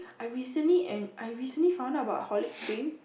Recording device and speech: boundary microphone, conversation in the same room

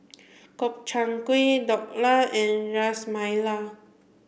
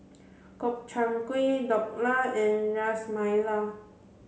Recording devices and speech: boundary microphone (BM630), mobile phone (Samsung C7), read sentence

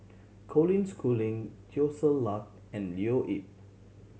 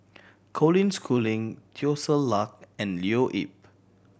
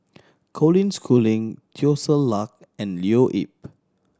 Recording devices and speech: mobile phone (Samsung C7100), boundary microphone (BM630), standing microphone (AKG C214), read sentence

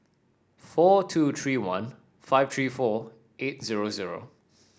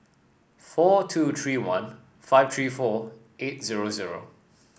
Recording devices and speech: standing microphone (AKG C214), boundary microphone (BM630), read sentence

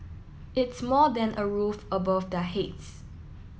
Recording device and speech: mobile phone (iPhone 7), read sentence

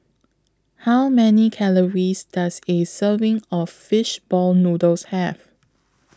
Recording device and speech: close-talking microphone (WH20), read sentence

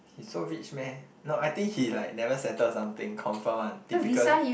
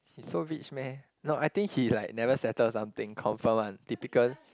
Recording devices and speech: boundary microphone, close-talking microphone, conversation in the same room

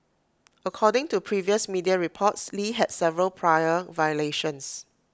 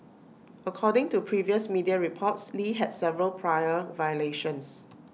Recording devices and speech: close-talking microphone (WH20), mobile phone (iPhone 6), read sentence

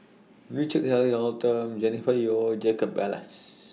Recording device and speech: mobile phone (iPhone 6), read sentence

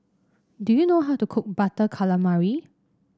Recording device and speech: standing microphone (AKG C214), read sentence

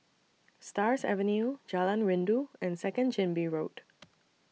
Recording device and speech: mobile phone (iPhone 6), read sentence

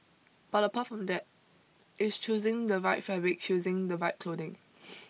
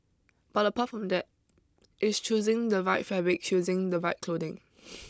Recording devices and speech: mobile phone (iPhone 6), close-talking microphone (WH20), read sentence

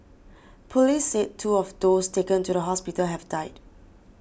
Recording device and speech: boundary microphone (BM630), read sentence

